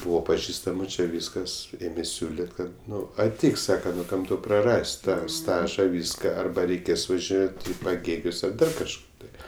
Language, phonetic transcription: Lithuanian, ˈbūvo paˈžįstamu čia ˈvyskas ˈėmė ˈsiūlit ˈkad ˈnu aˈteik ˈsaka ˈkam ˈtau praˈras't' ˈtą ˈstaža ˈvyska ˈarba reiˈkės važiˈnėt i paˈgėgius ar ˈdar kažˈkur tai

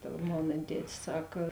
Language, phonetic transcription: Lithuanian, ta ˈmona ˈtetis ˈsak

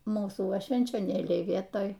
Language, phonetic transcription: Lithuanian, ˈmūsų ˈva švenčioˈnėliai ˈvietoj

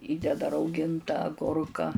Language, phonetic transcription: Lithuanian, ˈįdeda rauˈginta aˈgurka

